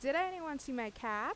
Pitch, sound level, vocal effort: 275 Hz, 88 dB SPL, loud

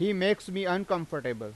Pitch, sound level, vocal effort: 185 Hz, 94 dB SPL, loud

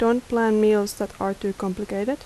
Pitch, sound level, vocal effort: 210 Hz, 80 dB SPL, soft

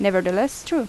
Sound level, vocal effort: 83 dB SPL, normal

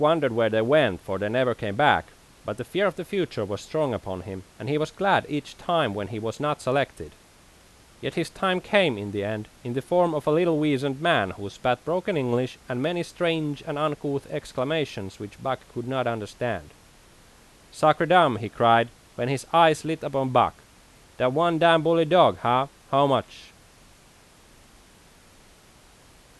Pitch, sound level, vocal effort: 140 Hz, 89 dB SPL, loud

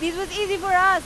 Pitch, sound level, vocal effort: 380 Hz, 99 dB SPL, very loud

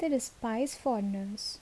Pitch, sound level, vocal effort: 245 Hz, 72 dB SPL, soft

